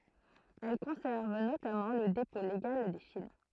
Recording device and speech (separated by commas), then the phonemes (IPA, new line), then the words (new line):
throat microphone, read sentence
ɛl kɔ̃sɛʁv notamɑ̃ lə depɔ̃ leɡal de film
Elle conserve notamment le dépôt légal des films.